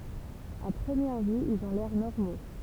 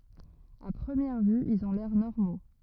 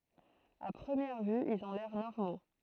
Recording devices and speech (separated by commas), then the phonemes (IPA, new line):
temple vibration pickup, rigid in-ear microphone, throat microphone, read sentence
a pʁəmjɛʁ vy ilz ɔ̃ lɛʁ nɔʁmo